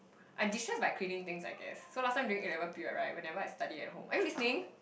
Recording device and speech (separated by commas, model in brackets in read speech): boundary microphone, conversation in the same room